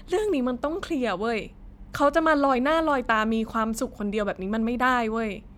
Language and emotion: Thai, frustrated